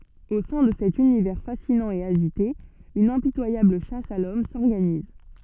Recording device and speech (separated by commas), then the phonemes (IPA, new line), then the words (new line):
soft in-ear microphone, read sentence
o sɛ̃ də sɛt ynivɛʁ fasinɑ̃ e aʒite yn ɛ̃pitwajabl ʃas a lɔm sɔʁɡaniz
Au sein de cet univers fascinant et agité, une impitoyable chasse à l'homme s'organise.